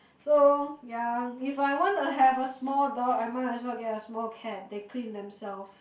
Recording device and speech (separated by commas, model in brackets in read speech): boundary microphone, conversation in the same room